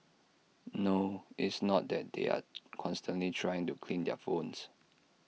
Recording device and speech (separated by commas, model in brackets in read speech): mobile phone (iPhone 6), read sentence